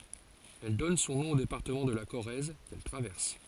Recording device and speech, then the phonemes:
forehead accelerometer, read sentence
ɛl dɔn sɔ̃ nɔ̃ o depaʁtəmɑ̃ də la koʁɛz kɛl tʁavɛʁs

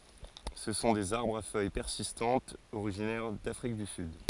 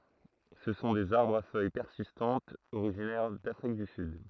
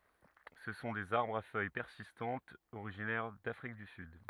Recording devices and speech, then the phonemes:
forehead accelerometer, throat microphone, rigid in-ear microphone, read sentence
sə sɔ̃ dez aʁbʁz a fœj pɛʁsistɑ̃tz oʁiʒinɛʁ dafʁik dy syd

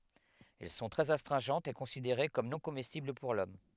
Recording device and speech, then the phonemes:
headset microphone, read sentence
ɛl sɔ̃ tʁɛz astʁɛ̃ʒɑ̃tz e kɔ̃sideʁe kɔm nɔ̃ komɛstibl puʁ lɔm

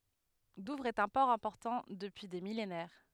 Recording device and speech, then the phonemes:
headset microphone, read sentence
duvʁz ɛt œ̃ pɔʁ ɛ̃pɔʁtɑ̃ dəpyi de milenɛʁ

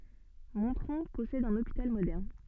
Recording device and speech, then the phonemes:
soft in-ear microphone, read sentence
mɔ̃tʁɔ̃ pɔsɛd œ̃n opital modɛʁn

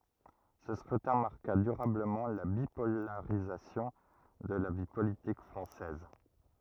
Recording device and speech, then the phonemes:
rigid in-ear microphone, read sentence
sə skʁytɛ̃ maʁka dyʁabləmɑ̃ la bipolaʁizasjɔ̃ də la vi politik fʁɑ̃sɛz

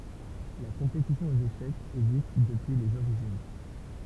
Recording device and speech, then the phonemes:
temple vibration pickup, read sentence
la kɔ̃petisjɔ̃ oz eʃɛkz ɛɡzist dəpyi lez oʁiʒin

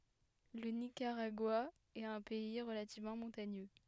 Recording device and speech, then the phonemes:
headset microphone, read sentence
lə nikaʁaɡwa ɛt œ̃ pɛi ʁəlativmɑ̃ mɔ̃taɲø

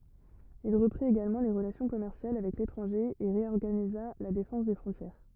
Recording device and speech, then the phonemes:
rigid in-ear microphone, read sentence
il ʁəpʁit eɡalmɑ̃ le ʁəlasjɔ̃ kɔmɛʁsjal avɛk letʁɑ̃ʒe e ʁeɔʁɡaniza la defɑ̃s de fʁɔ̃tjɛʁ

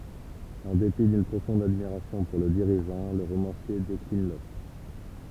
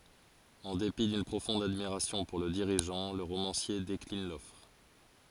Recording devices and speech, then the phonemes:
temple vibration pickup, forehead accelerometer, read sentence
ɑ̃ depi dyn pʁofɔ̃d admiʁasjɔ̃ puʁ lə diʁiʒɑ̃ lə ʁomɑ̃sje deklin lɔfʁ

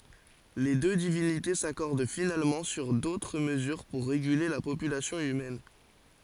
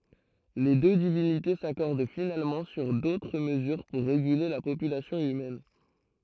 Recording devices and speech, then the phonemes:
forehead accelerometer, throat microphone, read sentence
le dø divinite sakɔʁd finalmɑ̃ syʁ dotʁ məzyʁ puʁ ʁeɡyle la popylasjɔ̃ ymɛn

